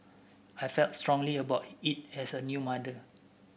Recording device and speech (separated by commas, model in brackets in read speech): boundary microphone (BM630), read sentence